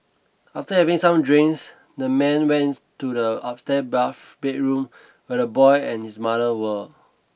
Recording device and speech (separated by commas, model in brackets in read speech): boundary microphone (BM630), read sentence